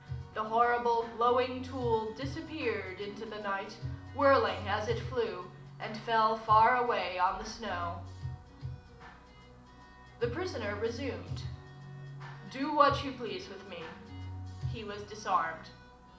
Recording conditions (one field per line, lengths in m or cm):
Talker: one person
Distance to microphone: 2.0 m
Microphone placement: close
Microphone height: 99 cm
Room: medium-sized (5.7 m by 4.0 m)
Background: music